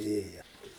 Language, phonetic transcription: Lithuanian, ˈėja

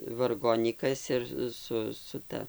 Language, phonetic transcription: Lithuanian, varˈgonykas ir ˈsu su ˈta

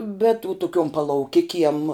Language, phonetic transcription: Lithuanian, bet u tuˈkiom palauˈkikiem

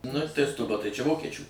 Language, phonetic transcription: Lithuanian, ˈnu tai stuˈba tai čia ˈvokečių

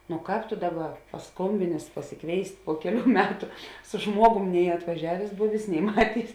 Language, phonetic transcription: Lithuanian, no ˈkāp to ˈdaˌba paˈskombinės pasiˈkvėist' po ˈkeˌlių ˈmetu su ˈžmuogum nei atvaˈžiavės ˈbuvės nei ˈmatėis

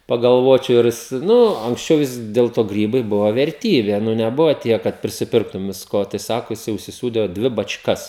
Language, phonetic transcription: Lithuanian, pagalˈvočiau ˈirˈjis ˈnu anksˈčiau ˈvis del ˈto ˈgrybai ˈbuvo verˈtybė ˈnu neˈbuvo ˈtiek kad prisiˈpirktum visˈko tai ˈsako jiˈsai užsiˈsūdė ˈdvi bačˈkas

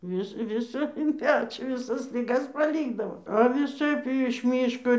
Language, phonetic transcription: Lithuanian, ˈvis ˈvisa in ˈpečio viˈsas liˈgas paˈlykdavo a viˈsaip i iš ˈmyško

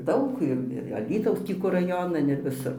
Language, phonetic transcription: Lithuanian, ˈdaug ir ir aˈlytaus ˈtį kur raˈjonan ir viˈsur

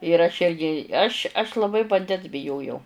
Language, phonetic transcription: Lithuanian, ir aš ˈirgi ˈaš' aš laˈbai vanˈdens biˈjojau

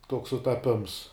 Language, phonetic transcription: Lithuanian, toks sutaˈpims

